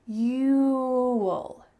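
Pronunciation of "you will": The contraction 'you'll' is said the clear way. The full word 'you' is heard, followed by just an 'ul' sound at the end.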